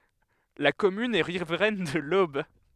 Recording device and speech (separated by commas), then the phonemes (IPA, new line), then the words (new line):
headset microphone, read sentence
la kɔmyn ɛ ʁivʁɛn də lob
La commune est riveraine de l'Aube.